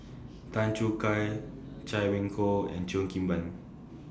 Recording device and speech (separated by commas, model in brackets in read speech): standing microphone (AKG C214), read sentence